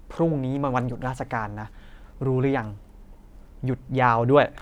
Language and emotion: Thai, frustrated